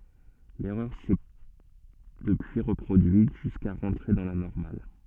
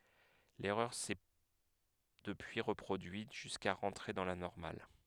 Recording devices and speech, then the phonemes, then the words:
soft in-ear microphone, headset microphone, read sentence
lɛʁœʁ sɛ dəpyi ʁəpʁodyit ʒyska ʁɑ̃tʁe dɑ̃ la nɔʁmal
L'erreur s'est depuis reproduite, jusqu'à rentrer dans la normale.

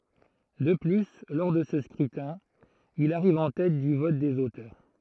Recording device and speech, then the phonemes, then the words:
throat microphone, read sentence
də ply lɔʁ də sə skʁytɛ̃ il aʁiv ɑ̃ tɛt dy vɔt dez otœʁ
De plus, lors de ce scrutin, il arrive en tête du vote des auteurs.

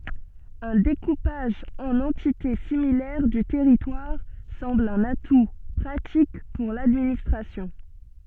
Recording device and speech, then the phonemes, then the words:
soft in-ear microphone, read sentence
œ̃ dekupaʒ ɑ̃n ɑ̃tite similɛʁ dy tɛʁitwaʁ sɑ̃bl œ̃n atu pʁatik puʁ ladministʁasjɔ̃
Un découpage en entités similaires du territoire semble un atout pratique pour l'administration.

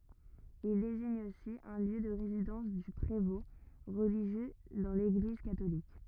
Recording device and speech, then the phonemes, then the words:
rigid in-ear microphone, read sentence
il deziɲ osi œ̃ ljø də ʁezidɑ̃s dy pʁevɔ̃ ʁəliʒjø dɑ̃ leɡliz katolik
Il désigne aussi un lieu de résidence du prévôt, religieux dans l'Église catholique.

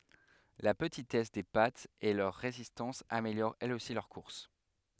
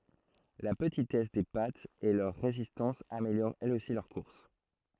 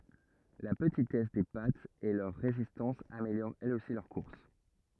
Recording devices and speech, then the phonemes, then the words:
headset microphone, throat microphone, rigid in-ear microphone, read sentence
la pətitɛs de patz e lœʁ ʁezistɑ̃s ameljoʁt ɛlz osi lœʁ kuʁs
La petitesse des pattes et leur résistance améliorent elles aussi leur course.

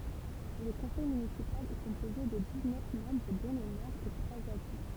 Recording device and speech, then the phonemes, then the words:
temple vibration pickup, read sentence
lə kɔ̃sɛj mynisipal ɛ kɔ̃poze də diz nœf mɑ̃bʁ dɔ̃ lə mɛʁ e tʁwaz adʒwɛ̃
Le conseil municipal est composé de dix-neuf membres dont le maire et trois adjoints.

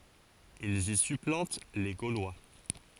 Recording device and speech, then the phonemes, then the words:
forehead accelerometer, read sentence
ilz i syplɑ̃t le ɡolwa
Ils y supplantent les Gaulois.

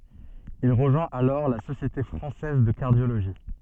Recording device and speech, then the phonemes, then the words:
soft in-ear microphone, read sentence
il ʁəʒwɛ̃t alɔʁ la sosjete fʁɑ̃sɛz də kaʁdjoloʒi
Il rejoint alors la Société française de cardiologie.

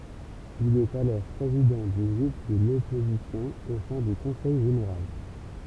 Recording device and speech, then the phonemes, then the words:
temple vibration pickup, read sentence
il ɛt alɔʁ pʁezidɑ̃ dy ɡʁup də lɔpozisjɔ̃ o sɛ̃ dy kɔ̃sɛj ʒeneʁal
Il est alors président du groupe de l’opposition au sein du Conseil général.

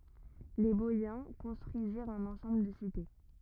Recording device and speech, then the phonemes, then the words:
rigid in-ear microphone, read sentence
le bɔjɛ̃ kɔ̃stʁyiziʁt œ̃n ɑ̃sɑ̃bl də site
Les Boïens construisirent un ensemble de cités.

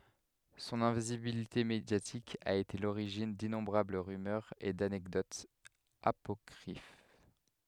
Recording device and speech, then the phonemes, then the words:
headset microphone, read sentence
sɔ̃n ɛ̃vizibilite medjatik a ete a loʁiʒin dinɔ̃bʁabl ʁymœʁz e danɛkdotz apɔkʁif
Son invisibilité médiatique a été à l'origine d'innombrables rumeurs et d'anecdotes apocryphes.

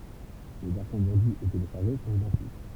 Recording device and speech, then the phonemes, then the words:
temple vibration pickup, read sentence
le vɛʁsjɔ̃ vɑ̃dyz e teleʃaʁʒe sɔ̃t idɑ̃tik
Les versions vendues et téléchargées sont identiques.

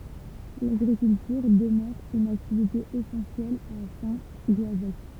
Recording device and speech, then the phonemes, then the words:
temple vibration pickup, read sentence
laɡʁikyltyʁ dəmœʁ yn aktivite esɑ̃sjɛl a sɛ̃ ɡɔazɛk
L'agriculture demeure une activité essentielle à Saint-Goazec.

